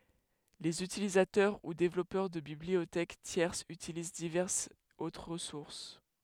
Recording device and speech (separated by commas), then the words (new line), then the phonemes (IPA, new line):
headset microphone, read sentence
Les utilisateurs ou développeurs de bibliothèques tierces utilisent diverses autres ressources.
lez ytilizatœʁ u devlɔpœʁ də bibliotɛk tjɛʁsz ytiliz divɛʁsz otʁ ʁəsuʁs